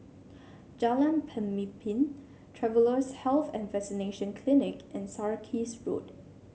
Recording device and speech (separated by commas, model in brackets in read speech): mobile phone (Samsung C7), read sentence